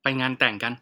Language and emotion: Thai, neutral